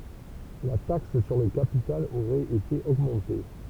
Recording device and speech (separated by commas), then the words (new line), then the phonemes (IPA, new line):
temple vibration pickup, read sentence
La taxe sur le capital aurait été augmenté.
la taks syʁ lə kapital oʁɛt ete oɡmɑ̃te